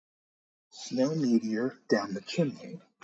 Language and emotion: English, fearful